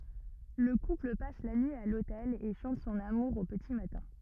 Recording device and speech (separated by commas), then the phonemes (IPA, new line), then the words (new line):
rigid in-ear microphone, read sentence
lə kupl pas la nyi a lotɛl e ʃɑ̃t sɔ̃n amuʁ o pəti matɛ̃
Le couple passe la nuit à l'hôtel et chante son amour au petit matin.